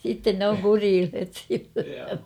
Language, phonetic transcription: Finnish, sitten 'nᵉ ‿oŋ "kuriilhet (siitä) .
- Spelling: sitten ne on kureilleet siitä

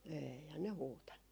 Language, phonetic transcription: Finnish, 'eeihän ne 'huutannu .
- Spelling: eihän ne huutanut

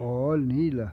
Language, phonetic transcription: Finnish, 'ooĺ "niillä .
- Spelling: oli niillä

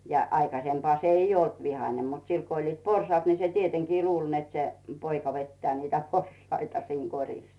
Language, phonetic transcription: Finnish, ja 'aikasempᵒà se ‿'ij ‿"olt 'vihane mut 'sil ko 'oĺliit "porsᵒaat ni se 'tieteŋkii "luuĺ net se , 'poika vettᵉä̀ 'niitä "porsaita siiŋ 'koŕis .
- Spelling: ja aikaisempaa se ei ollut vihainen mutta sillä kun oli porsaat niin se tietenkin luuli että se poika vetää niitä porsaita siinä korissa

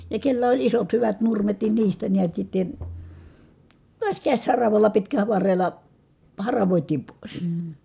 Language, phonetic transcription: Finnish, ja kellä oĺ isot hyvät nurmet nin niistä niät sitten̬ , tuas käśharavalla pitkäˡä varrel̀a , haravòitiim pòis .
- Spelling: ja kenellä oli isot hyvät nurmet niin niistä näet sitten taas käsiharavalla pitkällä varrella haravoitiin pois

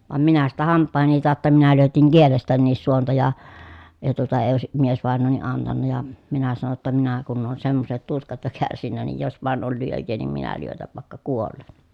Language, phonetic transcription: Finnish, vam minä sitä hamppàeheni tàotta minä lyötiŋ kielestänniis suonta ja , ja tuota ee òesi , miesvàen̆nooni antanna ja , minä sano ‿tta » minä kunn ‿oon semmoset tuskat jo kärsinnä niij jos vàen ol lyöj̆jee niim minä lyötäv vàekka kuollen » .
- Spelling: vaan minä sitä hampaideni tautta minä lyötin kielestänikin suonta ja ja tuota ei olisi miesvainaja antanut ja minä sanoin jotta minä kun olen semmoiset tuskat jo kärsinyt niin jos vain oli lyöjää niin minä lyötän vaikka kuolen

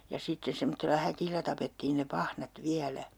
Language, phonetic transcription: Finnish, ja sitte 'semottella "häkillä 'tapettiin ne 'pahnat "viälä .
- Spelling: ja sitten semmoisella häkillä tapettiin ne pahnat vielä

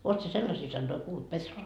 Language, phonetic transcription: Finnish, 'oot sie "sellasii sannoi 'kuult , 'Petros- ?
- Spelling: olet sinä sellaisia sanoja kuullut -

